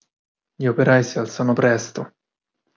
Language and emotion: Italian, sad